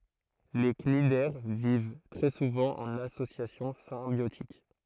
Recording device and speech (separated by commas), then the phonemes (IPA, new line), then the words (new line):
throat microphone, read sentence
le knidɛʁ viv tʁɛ suvɑ̃ ɑ̃n asosjasjɔ̃ sɛ̃bjotik
Les cnidaires vivent très souvent en association symbiotique.